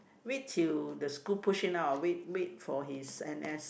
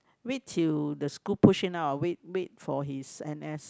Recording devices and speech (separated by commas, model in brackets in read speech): boundary microphone, close-talking microphone, conversation in the same room